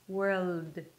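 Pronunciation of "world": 'World' is said here without the extra dark L sound that carries the R over into the L, and that is not enough.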